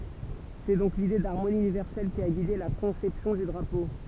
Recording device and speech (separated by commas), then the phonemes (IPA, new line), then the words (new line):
temple vibration pickup, read sentence
sɛ dɔ̃k lide daʁmoni ynivɛʁsɛl ki a ɡide la kɔ̃sɛpsjɔ̃ dy dʁapo
C'est donc l'idée d'harmonie universelle qui a guidé la conception du drapeau.